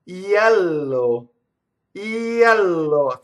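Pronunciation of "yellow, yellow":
'Yellow' is said the Italian way here, with the y starting from an E sound.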